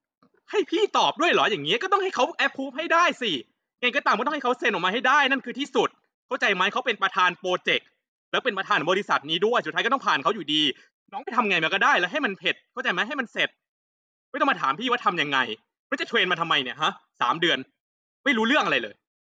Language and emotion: Thai, angry